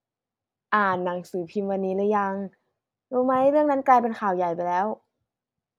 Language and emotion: Thai, neutral